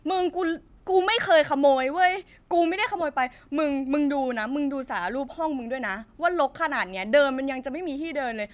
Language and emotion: Thai, frustrated